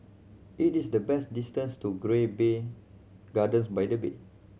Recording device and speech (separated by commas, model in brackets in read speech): mobile phone (Samsung C7100), read sentence